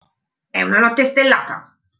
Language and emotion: Italian, angry